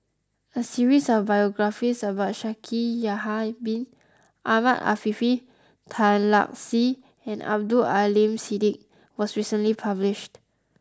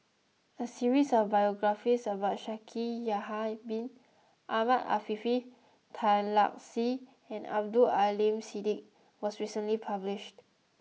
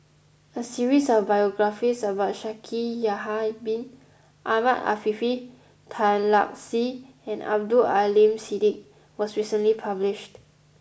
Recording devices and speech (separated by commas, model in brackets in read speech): close-talking microphone (WH20), mobile phone (iPhone 6), boundary microphone (BM630), read sentence